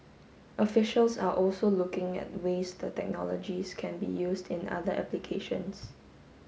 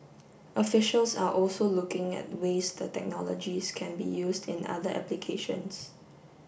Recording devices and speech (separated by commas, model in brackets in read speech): mobile phone (Samsung S8), boundary microphone (BM630), read sentence